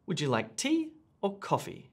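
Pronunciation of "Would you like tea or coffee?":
In 'Would you like tea or coffee?', the intonation rises and then falls.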